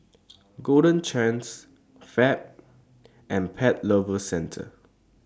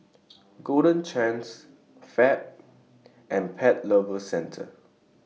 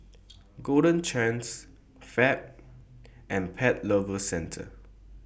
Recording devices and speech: standing microphone (AKG C214), mobile phone (iPhone 6), boundary microphone (BM630), read sentence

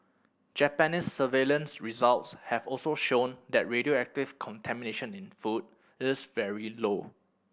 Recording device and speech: boundary microphone (BM630), read sentence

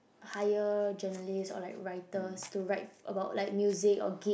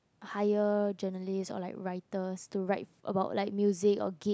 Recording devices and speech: boundary microphone, close-talking microphone, conversation in the same room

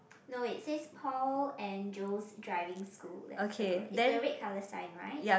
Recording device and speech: boundary microphone, conversation in the same room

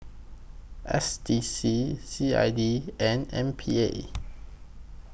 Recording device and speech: boundary microphone (BM630), read sentence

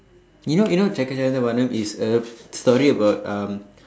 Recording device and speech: standing microphone, conversation in separate rooms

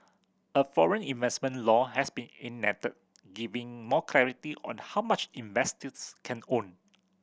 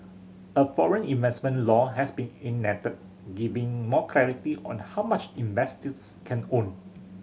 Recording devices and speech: boundary microphone (BM630), mobile phone (Samsung C7100), read sentence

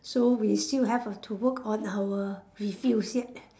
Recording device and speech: standing microphone, conversation in separate rooms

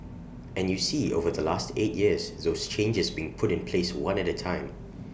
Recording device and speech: boundary microphone (BM630), read sentence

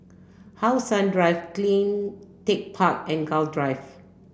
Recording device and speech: boundary microphone (BM630), read sentence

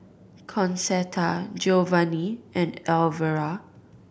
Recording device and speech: boundary microphone (BM630), read sentence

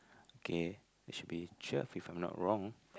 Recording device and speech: close-talking microphone, conversation in the same room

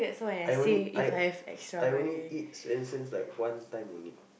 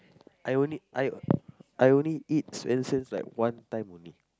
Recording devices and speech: boundary microphone, close-talking microphone, conversation in the same room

